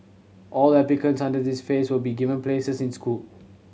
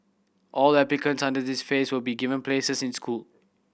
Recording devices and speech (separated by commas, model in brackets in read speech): mobile phone (Samsung C7100), boundary microphone (BM630), read sentence